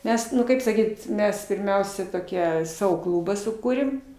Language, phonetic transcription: Lithuanian, ˈmes nu ˈkaip saˈkyt ˈmes pirˈmiausia toˈkie ˈsavo ˈkluba suˈkūrėm

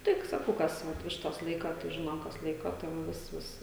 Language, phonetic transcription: Lithuanian, ˈtik saˈkau kas ˈvat ˈvištas ˈlaika tai ˈžinom kas ˈlaiko tai va ˈvis ˈvis

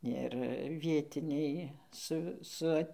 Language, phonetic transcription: Lithuanian, ir ˈvietiniai ˈsu su ˈat'

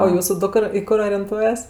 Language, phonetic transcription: Lithuanian, o ˈjūsu ˈdukr i ˈkur orenˈtuojas

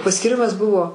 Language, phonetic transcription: Lithuanian, paskyˈrimas ˈbuvo

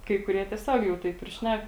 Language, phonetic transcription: Lithuanian, kai kuˈrie tieˈsiog jau ˈtaip ir ˈšnek

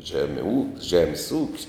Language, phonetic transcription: Lithuanian, ˈžeme ū ˈžemis ūk's'

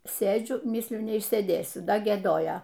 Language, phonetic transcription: Lithuanian, ˈsėdžiu ˈmysliu neišsėˈdėsiu ˈda gieˈdojo

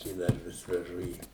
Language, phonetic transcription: Lithuanian, i ˈdar ˈvis veˈžu ˈį

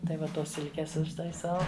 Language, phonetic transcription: Lithuanian, tai ˈva ˈtos ˈsilkės užtaiˈsau

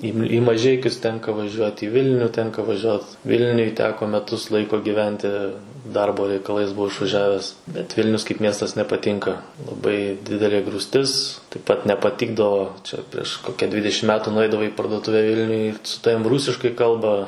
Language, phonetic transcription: Lithuanian, į i maˈžeikius ˈtenka vaˈžiuot į ˈvilniu ˈtenka vaˈžiuot ˈvilniuj ˈteko meˈtus ˈlaiko giˈventi ˈdarbo reikaˈlais buˈvau išvaˈžiaves bet ˈvilnius kaip ˈmiestas nepaˈtynka laˈbai ˈdidelė grūsˈtis taip ˈpat nepaˈtikdavo ˈčia prieš ˈkokia ˈdvidešim ˈmetu nuˈeidavai į parduoˈtuve ˈvilniuj su ˈtavim ˈrūsiškai ˈkalba

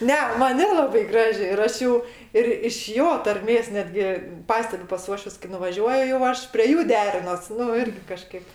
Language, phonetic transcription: Lithuanian, ˈne ˈman ˈnelabai ˈgraži ir ˈaš ˈjų ir iš ˈjo tarˈmės ˈnetgi ˈpastebiu pas ˈuošvius kai nuvaˈžiuoju jau ˈaš prie ˈjų ˈderinos ˈnu ˈirgi kaˈžkaip

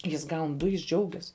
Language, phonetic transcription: Lithuanian, ˈjis ˈgaun ˈdu jis ˈdžiaugias

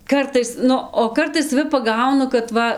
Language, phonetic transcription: Lithuanian, ˈkartais ˈnu o ˈkartais saˈvi paˈgaunu kad ˈva

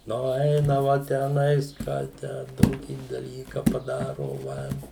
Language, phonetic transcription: Lithuanian, ˈnu ˈeinava tęˈnais ˈką ˈtę ˈtokį daˈlyka paˈdarova

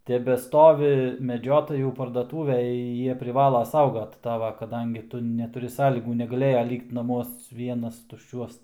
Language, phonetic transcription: Lithuanian, tebeˈstovi meˈdžiotajų pardaˈtūvėj ˈjie priˈvala ˈsaugat ˈtava kaˈdangi ˈtu netuˈri ˈsąlygų negaˈlėja ˈlykt naˈmuos ˈvienas tušˈčiuos

